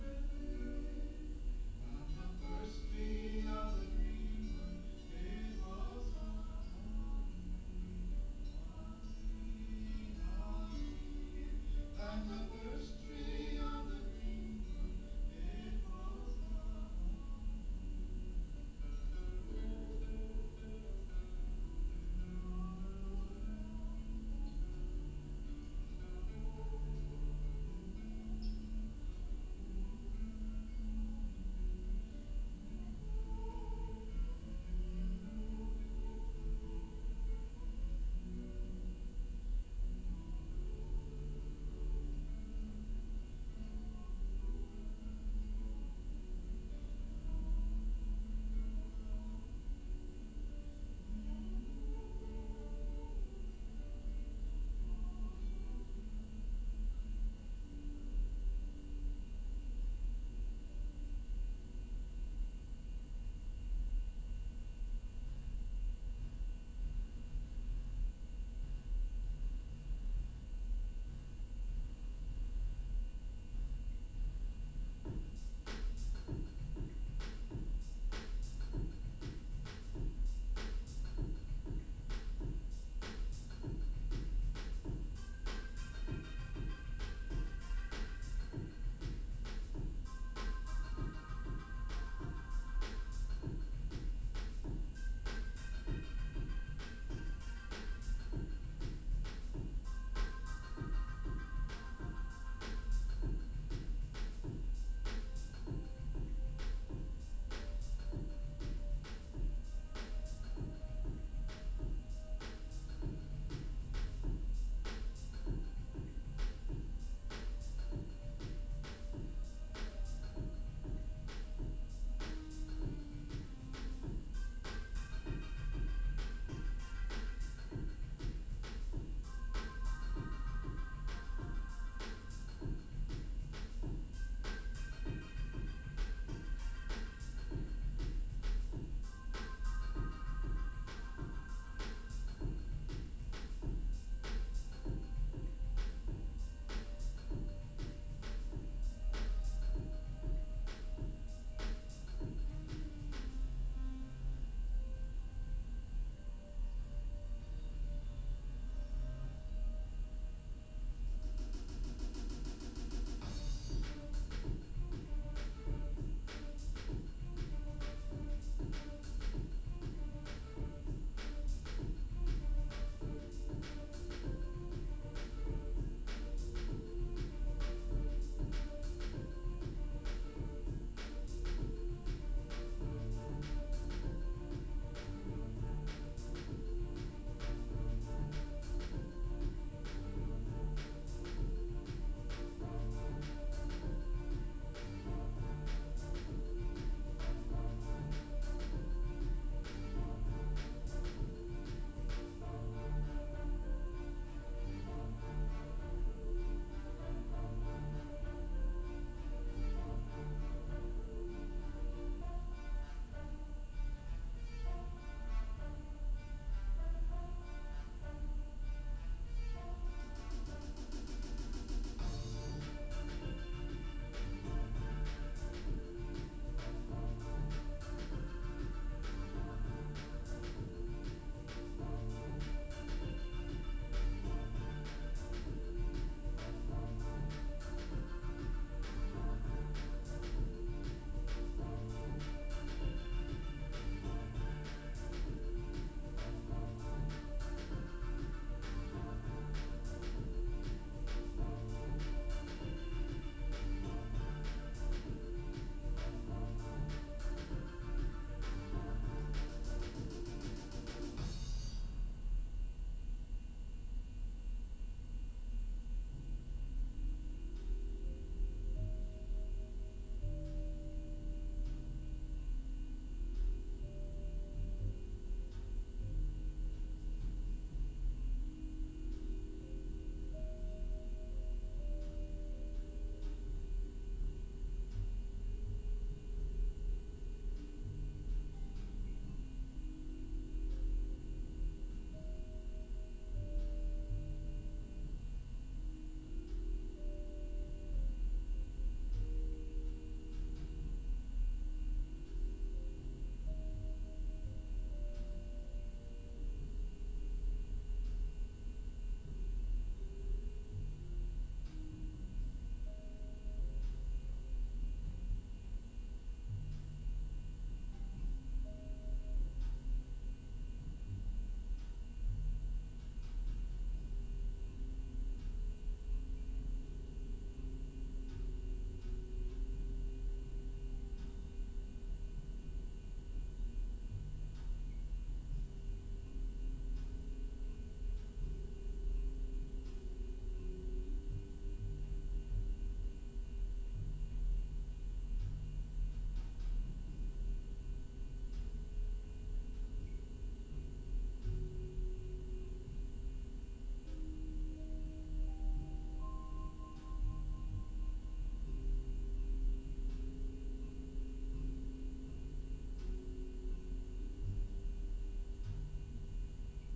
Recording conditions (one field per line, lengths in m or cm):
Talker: no one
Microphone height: 71 cm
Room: large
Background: music